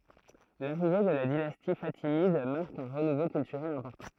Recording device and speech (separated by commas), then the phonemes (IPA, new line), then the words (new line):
throat microphone, read sentence
laʁive də la dinasti fatimid maʁk œ̃ ʁənuvo kyltyʁɛl ɛ̃pɔʁtɑ̃
L'arrivée de la dynastie fatimide marque un renouveau culturel important.